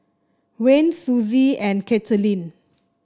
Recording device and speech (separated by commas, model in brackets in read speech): standing microphone (AKG C214), read sentence